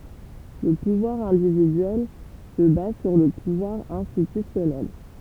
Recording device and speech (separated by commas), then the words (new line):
temple vibration pickup, read sentence
Le pouvoir individuel se base sur le pouvoir institutionnel.